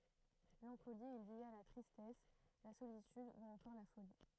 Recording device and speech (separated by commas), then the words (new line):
throat microphone, read sentence
L'ancolie est liée à la tristesse, la solitude ou encore la folie.